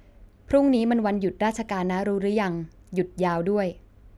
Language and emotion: Thai, neutral